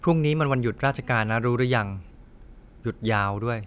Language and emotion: Thai, neutral